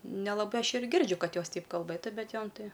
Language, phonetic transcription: Lithuanian, nelaˈbai ˈaš ir ˈgirdžiu ˈkad ˈjos ˈteip kalˈbɘtu bet ˈjom ˈtai

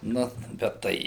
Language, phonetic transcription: Lithuanian, ˈnu bet ˈtai

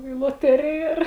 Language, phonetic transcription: Lithuanian, į loˈterija ir

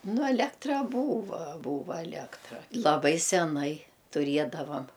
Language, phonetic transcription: Lithuanian, ˈnu aˈlektra ˈbūva ˈbūva aˈlėktra laˈbai seˈnai tuˈriedavam

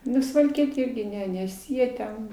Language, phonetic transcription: Lithuanian, ˈnu suvalˈkietė ˈirgi ˈne nes ˈjie ten

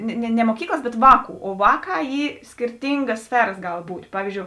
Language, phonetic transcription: Lithuanian, ne ne ne moˈkyklas ˈbet ˈvāˌkų o ˈvāˌkā ˈy skirˈtingas ˈsferas ˈgal ˈbūt' ˈpavyzˌdžiou

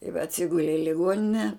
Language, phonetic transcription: Lithuanian, i ve atˈsigule i liˈguonine

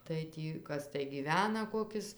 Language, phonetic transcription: Lithuanian, tai ˈtį ˈkas tai gyˈvena ˈkokis

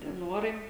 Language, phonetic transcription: Lithuanian, tie ˈnuorai

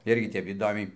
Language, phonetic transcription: Lithuanian, ˈirgi ˈtep įˈdomiai

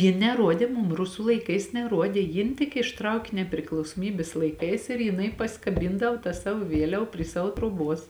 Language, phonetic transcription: Lithuanian, ˈjin neˈruodė ˈmum ˈrusu laiˈkais neˈruodė ˈjin tik išˈtrauki nepriklausoˈmybės laiˈkais ir jiˈnai pasikaˈbyndav ta ˈsavo ˈvieliav prie ˈsavo troˈbuos

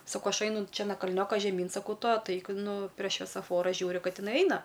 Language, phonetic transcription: Lithuanian, saˈkau ˈaš ˈeinu ˈčia na kalˈnioka žeˈmyn saˈkau ˈtu atˈaik ˈnu prie šviesaˈfora ˈžiūriu ˈkad iˈnai ˈaina

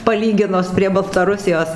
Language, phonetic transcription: Lithuanian, paˈlyginus prie baltaˈrusijos

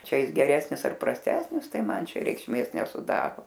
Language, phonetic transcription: Lithuanian, ˈčia ˈjis geˈresnis ar prasˈtesnis ˈtai ˈman ˈčia reikšˈmės nesuˈdaro

